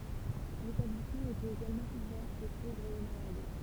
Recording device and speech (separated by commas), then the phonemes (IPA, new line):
temple vibration pickup, read sentence
letablismɑ̃ etɛt eɡalmɑ̃ uvɛʁ o povʁz e o malad